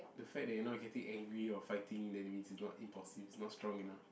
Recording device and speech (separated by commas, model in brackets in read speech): boundary microphone, conversation in the same room